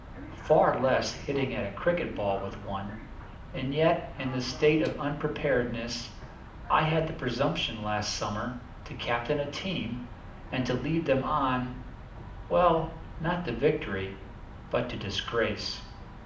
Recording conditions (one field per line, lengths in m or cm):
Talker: one person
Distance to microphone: 2.0 m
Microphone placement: close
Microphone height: 99 cm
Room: medium-sized (5.7 m by 4.0 m)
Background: television